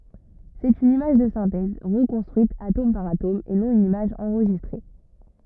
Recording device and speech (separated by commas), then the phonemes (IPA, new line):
rigid in-ear microphone, read sentence
sɛt yn imaʒ də sɛ̃tɛz ʁəkɔ̃stʁyit atom paʁ atom e nɔ̃ yn imaʒ ɑ̃ʁʒistʁe